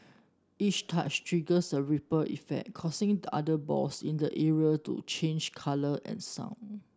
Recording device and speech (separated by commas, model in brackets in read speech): standing microphone (AKG C214), read sentence